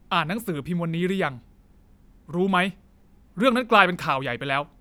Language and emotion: Thai, angry